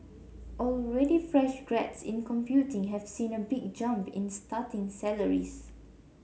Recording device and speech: mobile phone (Samsung C7), read sentence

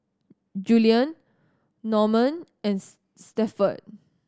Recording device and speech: standing microphone (AKG C214), read sentence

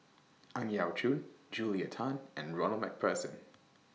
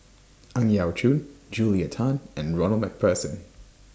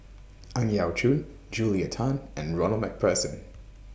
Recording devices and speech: mobile phone (iPhone 6), standing microphone (AKG C214), boundary microphone (BM630), read sentence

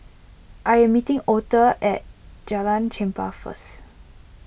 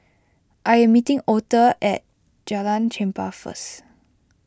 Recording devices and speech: boundary microphone (BM630), close-talking microphone (WH20), read sentence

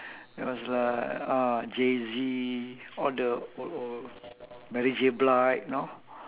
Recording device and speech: telephone, conversation in separate rooms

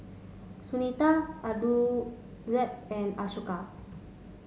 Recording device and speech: mobile phone (Samsung S8), read sentence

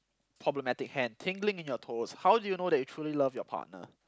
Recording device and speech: close-talking microphone, conversation in the same room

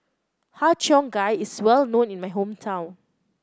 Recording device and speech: close-talking microphone (WH30), read sentence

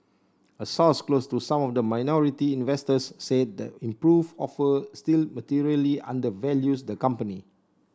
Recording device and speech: standing microphone (AKG C214), read sentence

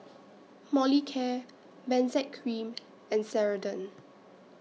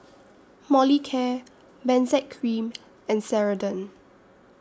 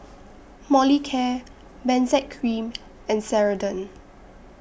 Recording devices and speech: mobile phone (iPhone 6), standing microphone (AKG C214), boundary microphone (BM630), read sentence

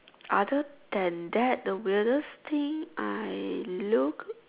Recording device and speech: telephone, conversation in separate rooms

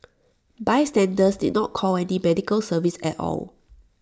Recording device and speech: standing microphone (AKG C214), read sentence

